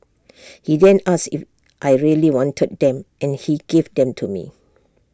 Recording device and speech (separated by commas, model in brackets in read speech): standing microphone (AKG C214), read sentence